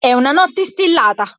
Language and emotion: Italian, angry